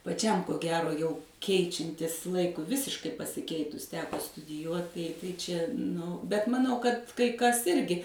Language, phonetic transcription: Lithuanian, paˈčiam ko ˈgero jau ˈkeičiantis ˈlaikui ˈvisiškai pasiˈkeitus ˈteko studiˈjuot tai tai ˈčia nu bet maˈnau kad kai ˈkas ˈirgi

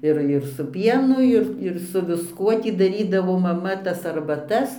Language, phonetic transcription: Lithuanian, ˈir ir su ˈpienu ˈir ir su visˈkuo ˈtį daˈrydavo maˈma tas arbaˈtas

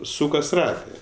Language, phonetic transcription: Lithuanian, ˈsūkas ˈratɜ

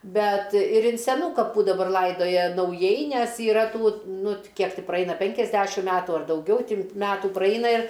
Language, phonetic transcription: Lithuanian, ˈbet ir in seˈnų kaˈpų daˈbar ˈlaidoja nauˈjai ˈnes yˈra ˈtų ˈnu t ˈkiek ti praˈeina ˈpenkiasˌdæšim ˈmetu ar dauˈgiau ˈti ˈmetų ˈpraina ir

